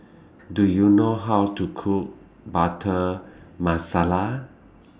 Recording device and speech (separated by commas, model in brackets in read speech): standing microphone (AKG C214), read sentence